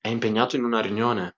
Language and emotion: Italian, neutral